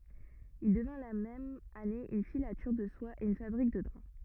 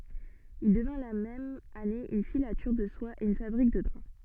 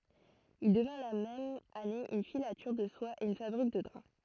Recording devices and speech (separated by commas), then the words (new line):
rigid in-ear microphone, soft in-ear microphone, throat microphone, read sentence
Il devint la même année une filature de soie et une fabrique de draps.